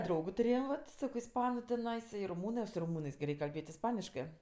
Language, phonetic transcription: Lithuanian, ˈdraugu tuˈrėjam vat ˈsako isˈpanu tiˈnais i ruˈmūnɜs su ruˈmūnɜs gi ˈreik' kalˈbėt' isˈpaniškɜ

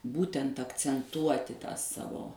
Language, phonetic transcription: Lithuanian, ˈbūtent akcenˈtuoti tą ˈsavo

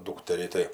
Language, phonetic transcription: Lithuanian, ˈdūkterį tai

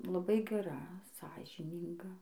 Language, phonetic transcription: Lithuanian, laˈbai geˈra ˈsąžynynga

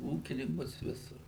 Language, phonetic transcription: Lithuanian, ˈūkininkus ˈvisur

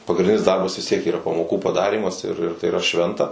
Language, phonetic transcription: Lithuanian, pagrinˈdinis ˈdarbas vis ˈtiek yˈra pamoˈkų paˈdarymas ir ir tai yˈra ˈšventa

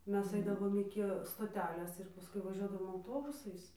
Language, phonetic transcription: Lithuanian, ˈmes ˈaidavom ˈiki stoˈtelės ir paˈskui vaˈžiuodavom auˈtobusais

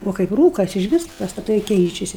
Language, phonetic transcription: Lithuanian, ˈo kaip ˈrūkas ižˈvis pastaˈtai ˈkeičiasi

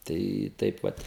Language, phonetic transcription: Lithuanian, ˈtai ˈtaip vat

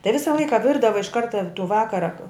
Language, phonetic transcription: Lithuanian, tai ˈvisa ˈlaika ˈvirdava iš ˈkarta tų ˈvakara

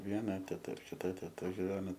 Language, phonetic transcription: Lithuanian, ˈviena teˈta ir kiˈta teˈta giˈveno

